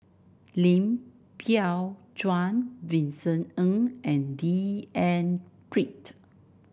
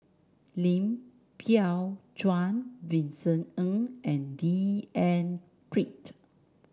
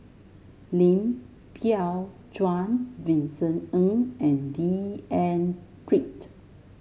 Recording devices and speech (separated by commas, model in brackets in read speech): boundary microphone (BM630), standing microphone (AKG C214), mobile phone (Samsung S8), read sentence